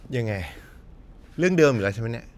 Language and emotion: Thai, frustrated